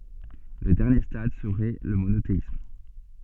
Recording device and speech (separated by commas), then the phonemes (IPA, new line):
soft in-ear microphone, read sentence
lə dɛʁnje stad səʁɛ lə monoteism